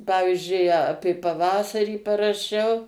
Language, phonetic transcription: Lithuanian, ˈpavizdžiui ˈapė paˈvasarį paraˈšiau

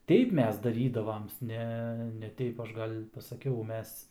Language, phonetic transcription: Lithuanian, ˈteip ˈmes daˈrydavam ˈne ne ˈteip ˈaš ˈgal' pasaˈkiau ˈmes

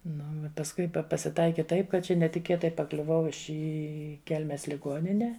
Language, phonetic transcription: Lithuanian, ˈnu pasˈkui ˈpa pasiˈtaiki ˈtaip kad ˈčia netiˈkėtai paˈkliuvau i ˈi ˈkelmes liˈguonine

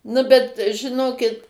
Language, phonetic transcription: Lithuanian, ˈnu bet žiˈnokit

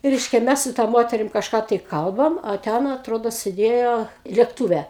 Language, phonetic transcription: Lithuanian, ˈreiškia ˈmes su ta ˈmoterim kažˈką tai ˈkalbam a ˈten atˈrodo siˈdėjo lėkˈtūve

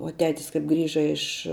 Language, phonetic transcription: Lithuanian, uo ˈtetis kap ˈgrįža iš

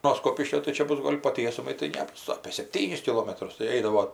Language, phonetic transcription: Lithuanian, no ˈskopiškio tai ˈčia ˈbus ˈgol' po ˈtiesumai tai ˈnebus apė sepˈtynis kiˈlomatrus tai ˈeidavo

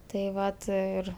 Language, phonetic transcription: Lithuanian, tai ˈvat ˈir

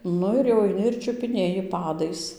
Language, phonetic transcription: Lithuanian, ˈnu ir jau aiˈni ir čiupiˈnėji ˈpadais

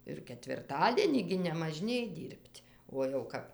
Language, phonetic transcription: Lithuanian, ir ketvirˈtadienį gi nemaˈžnėj ˈdyr'b't' uo jau ˈkap

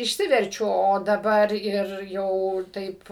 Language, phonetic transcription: Lithuanian, išˈsiverčiu o daˈbar ir ˈjau ˈtaip

